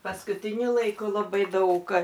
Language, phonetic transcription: Lithuanian, paskutiˈniu laiˈku laˈbai ˈdaug

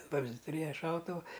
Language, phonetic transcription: Lithuanian, ˈvamzdi ˈturėja ˈšautuvu

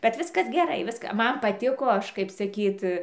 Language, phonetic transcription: Lithuanian, bet ˈviskas geˈrai ˈviska ˈman paˈtiko ˈaš kaip saˈkyt

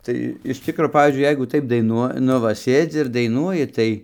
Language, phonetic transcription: Lithuanian, ˈtai iš ˈtikro ˈpavyzdžiui ˈjeigu ˈtaip daiˈnuo ˈnu va ˈsėdzi ir daiˈnuoji ˈtai

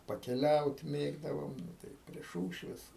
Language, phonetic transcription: Lithuanian, pakeˈliaut ˈmėgdavom ˈnu tai prie ˈšūšvės

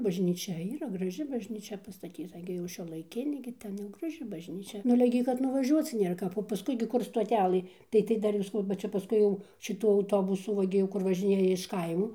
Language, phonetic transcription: Lithuanian, bažnyˈčia yˈra graˈži bažnyˈčia pastaˈtyta ˈgi jau šiuolaiˈkinė ˈgi ten ˈjau graˈži baˈžnyčia nu aˈle gi kad nuvaˈžiuoc ˈnėr ˈkap o paˈskui gi ˈkur stoˈtælɘ ˈtai tai ˈdar ir saˈkau ba ˈčia paˈskui jau šiˈtu auˈtobusu ˈva gi jau ˈkur vaˈžinėja iš ˈkaimo

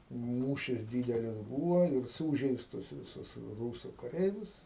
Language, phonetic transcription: Lithuanian, ˈmūšis ˈdydelis ˈbūvo ir ˈsūžeistus viˈsus ˈrūsu kaˈreivius

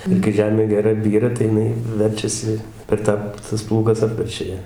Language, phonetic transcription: Lithuanian, ir kai ˈžemė geˈra ˈbyra tai jiˈnai ˈverčiasi per ˈtą tas ˈplūgas ˈapverčia ˈją

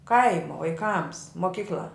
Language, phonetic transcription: Lithuanian, ˈkaimo vaiˈkams moˈkykl'a

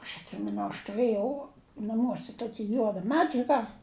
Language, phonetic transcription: Lithuanian, aš atˈsimenu aš tuˈrɘjau naˈmuose ˈtoki ˈjuoda ˈmedžiaga

